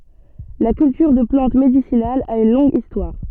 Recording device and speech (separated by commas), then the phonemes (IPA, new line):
soft in-ear microphone, read sentence
la kyltyʁ də plɑ̃t medisinalz a yn lɔ̃ɡ istwaʁ